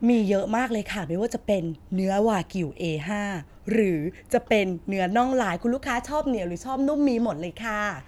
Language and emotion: Thai, happy